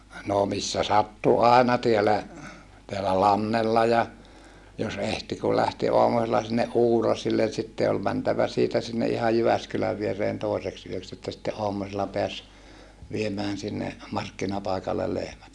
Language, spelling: Finnish, no missä sattui aina täällä täällä Lannella ja jos ehti kun lähti aamusella sinne Uuraisille sitten oli mentävä siitä sinne ihan Jyväskylän viereen toiseksi yöksi että sitten aamusella pääsi viemään sinne markkinapaikalle lehmät
- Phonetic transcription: noo missä sattu àena tiälä , teälä Lannella ja , jos ehti kul lähti oamusella sinneʼ ʼUurasillen̬ sitte ol mäntävä siitä sinne ʼihaj Jyväskyläv viereen tòi̮seks yöks että sitte ʼoam̀usella peäs , viemään sinne , markkinapàikallel lehmät .

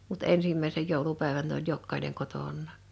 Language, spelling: Finnish, mutta ensimmäisen joulupäivän ne oli jokainen kotonaan
- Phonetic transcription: mut "ensimmä̀isej 'jòulupä̀evän n ‿oĺ 'jokkaineŋ 'koton̆nà .

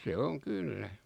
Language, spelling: Finnish, se on kyllä
- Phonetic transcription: se 'oŋ 'kyllä .

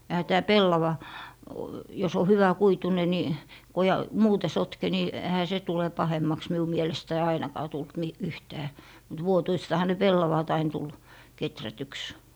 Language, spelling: Finnish, eihän tämä pellava jos on hyväkuituinen niin kun ja muuten sotke niin eihän se tule pahemmaksi minun mielestäni ainakaan tullut - yhtään mutta vuotuistahan ne pellavat aina tuli kehrätyksi
- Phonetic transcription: 'Ehä tää "pellava , jos ‿o 'hyvä'kuitune ni , ko ja , "muute 'sotke ni , ehä 'se tule 'pahemmaks miu mielestäi 'ainakaa tult mi- , 'yhtää , mut 'vuotuistaha ne "pellavàt ain tul , 'keträtyks .

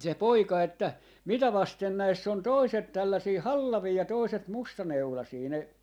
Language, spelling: Finnish, se poika että mitä vasten näissä on toiset tällaisia hallavia ja toiset mustaneulaisia ne
- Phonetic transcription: se "poika että , » "mitä vasten 'näiss ‿on "toiset 'tällasii "hallavii ja 'toiset "mustaneulasii » , ne , .

